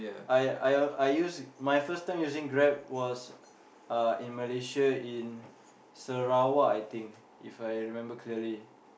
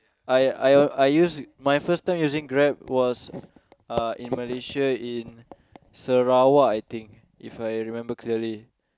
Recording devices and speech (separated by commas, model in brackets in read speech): boundary microphone, close-talking microphone, conversation in the same room